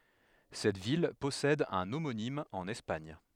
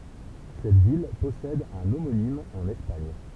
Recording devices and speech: headset microphone, temple vibration pickup, read sentence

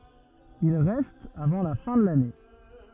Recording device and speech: rigid in-ear microphone, read sentence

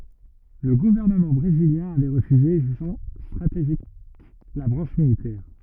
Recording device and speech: rigid in-ear microphone, read sentence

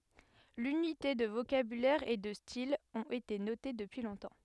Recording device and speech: headset microphone, read sentence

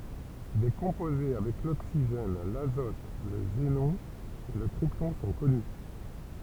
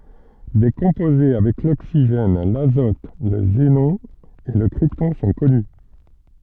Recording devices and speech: temple vibration pickup, soft in-ear microphone, read sentence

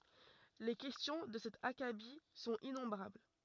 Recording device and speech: rigid in-ear microphone, read sentence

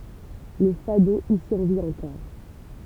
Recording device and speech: temple vibration pickup, read sentence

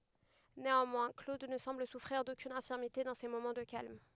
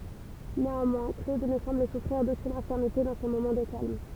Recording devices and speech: headset microphone, temple vibration pickup, read sentence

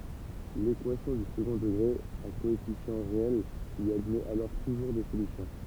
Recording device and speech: temple vibration pickup, read sentence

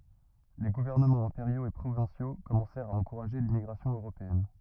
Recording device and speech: rigid in-ear microphone, read sentence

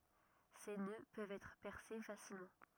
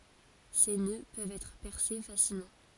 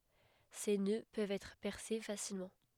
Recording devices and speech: rigid in-ear microphone, forehead accelerometer, headset microphone, read sentence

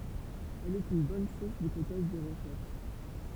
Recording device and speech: temple vibration pickup, read sentence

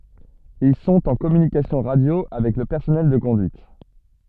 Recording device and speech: soft in-ear microphone, read sentence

